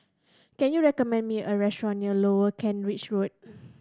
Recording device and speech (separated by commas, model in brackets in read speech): standing microphone (AKG C214), read sentence